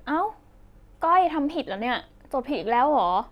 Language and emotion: Thai, frustrated